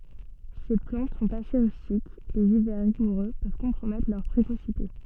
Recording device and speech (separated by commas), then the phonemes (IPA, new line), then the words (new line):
soft in-ear microphone, read sentence
se plɑ̃t sɔ̃t ase ʁystik lez ivɛʁ ʁiɡuʁø pøv kɔ̃pʁomɛtʁ lœʁ pʁekosite
Ces plantes sont assez rustiques, les hivers rigoureux peuvent compromettre leur précocité.